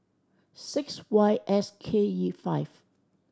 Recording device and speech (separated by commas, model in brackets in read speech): standing microphone (AKG C214), read sentence